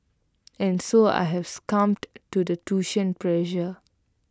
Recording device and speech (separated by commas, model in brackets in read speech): close-talking microphone (WH20), read sentence